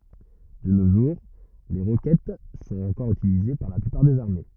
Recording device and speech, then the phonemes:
rigid in-ear microphone, read sentence
də no ʒuʁ le ʁokɛt sɔ̃t ɑ̃kɔʁ ytilize paʁ la plypaʁ dez aʁme

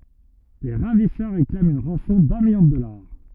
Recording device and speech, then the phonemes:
rigid in-ear microphone, read sentence
le ʁavisœʁ ʁeklamt yn ʁɑ̃sɔ̃ dœ̃ miljɔ̃ də dɔlaʁ

